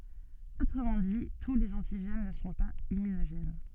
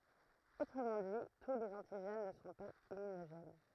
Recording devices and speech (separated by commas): soft in-ear microphone, throat microphone, read sentence